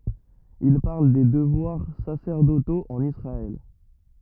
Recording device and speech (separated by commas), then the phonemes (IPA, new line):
rigid in-ear microphone, read sentence
il paʁl de dəvwaʁ sasɛʁdotoz ɑ̃n isʁaɛl